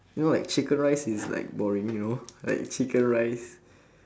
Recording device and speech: standing microphone, conversation in separate rooms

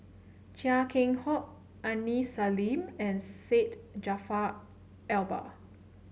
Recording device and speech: mobile phone (Samsung C7), read sentence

